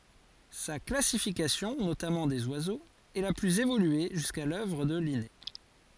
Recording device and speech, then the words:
forehead accelerometer, read sentence
Sa classification, notamment des oiseaux, est la plus évoluée jusqu'à l'œuvre de Linné.

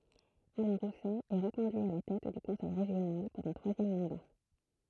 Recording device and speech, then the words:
throat microphone, read sentence
Alain Rousset est reconduit à la tête du conseil régional pour un troisième mandat.

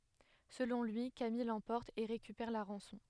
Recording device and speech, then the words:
headset microphone, read sentence
Selon lui, Camille l'emporte et récupère la rançon.

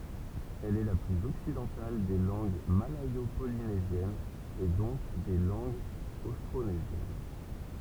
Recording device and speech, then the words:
temple vibration pickup, read sentence
Elle est la plus occidentale des langues malayo-polynésiennes et donc des langues austronésiennes.

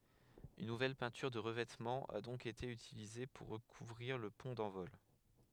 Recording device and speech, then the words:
headset microphone, read sentence
Une nouvelle peinture de revêtement a donc été utilisée pour recouvrir le pont d'envol.

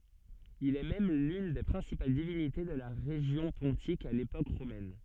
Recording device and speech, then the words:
soft in-ear microphone, read sentence
Il est même l'une des principales divinités de la région pontique à l'époque romaine.

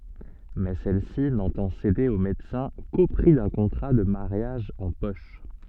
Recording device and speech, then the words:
soft in-ear microphone, read sentence
Mais celle-ci n'entend céder au médecin qu'au prix d'un contrat de mariage en poche.

